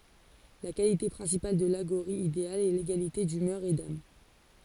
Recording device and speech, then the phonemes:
forehead accelerometer, read sentence
la kalite pʁɛ̃sipal də laɡoʁi ideal ɛ leɡalite dymœʁ e dam

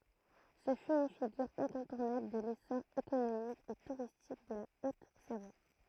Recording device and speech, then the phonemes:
throat microphone, read sentence
sə fy yn fiɡyʁ ɛ̃kɔ̃tuʁnabl də lesɔʁ ekonomik e tuʁistik də la ot savwa

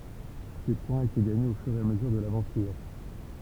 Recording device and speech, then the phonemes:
temple vibration pickup, read sentence
se pwɛ̃z etɛ ɡaɲez o fyʁ e a məzyʁ də lavɑ̃tyʁ

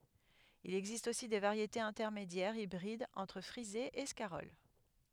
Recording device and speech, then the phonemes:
headset microphone, read sentence
il ɛɡzist osi de vaʁjetez ɛ̃tɛʁmedjɛʁz ibʁidz ɑ̃tʁ fʁize e skaʁɔl

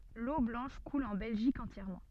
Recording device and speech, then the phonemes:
soft in-ear microphone, read sentence
lo blɑ̃ʃ kul ɑ̃ bɛlʒik ɑ̃tjɛʁmɑ̃

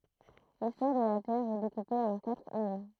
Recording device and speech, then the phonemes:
throat microphone, read sentence
listwaʁ də la tɛʁ ɛ dekupe ɑ̃ katʁ eɔ̃

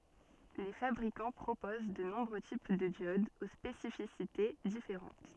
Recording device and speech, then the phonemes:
soft in-ear microphone, read sentence
le fabʁikɑ̃ pʁopoz də nɔ̃bʁø tip də djodz o spesifisite difeʁɑ̃t

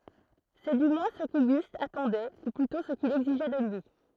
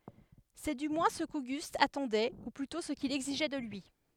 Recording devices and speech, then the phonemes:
throat microphone, headset microphone, read sentence
sɛ dy mwɛ̃ sə koɡyst atɑ̃dɛ u plytɔ̃ sə kil ɛɡziʒɛ də lyi

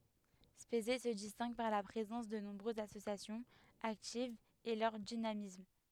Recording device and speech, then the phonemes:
headset microphone, read sentence
spezɛ sə distɛ̃ɡ paʁ la pʁezɑ̃s də nɔ̃bʁøzz asosjasjɔ̃z aktivz e lœʁ dinamism

